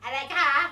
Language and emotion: Thai, frustrated